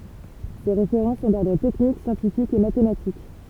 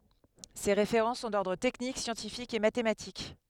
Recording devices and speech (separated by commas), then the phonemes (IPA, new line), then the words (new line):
temple vibration pickup, headset microphone, read sentence
se ʁefeʁɑ̃ sɔ̃ dɔʁdʁ tɛknik sjɑ̃tifikz e matematik
Ses référents sont d’ordre technique, scientifiques et mathématiques.